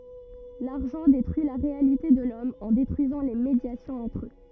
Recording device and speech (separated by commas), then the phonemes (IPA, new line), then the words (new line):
rigid in-ear microphone, read sentence
laʁʒɑ̃ detʁyi la ʁealite də lɔm ɑ̃ detʁyizɑ̃ le medjasjɔ̃z ɑ̃tʁ ø
L'argent détruit la réalité de l'Homme en détruisant les médiations entre eux.